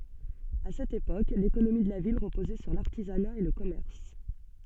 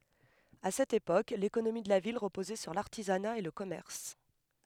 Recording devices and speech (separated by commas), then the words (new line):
soft in-ear microphone, headset microphone, read sentence
À cette époque, l'économie de la ville reposait sur l'artisanat et le commerce.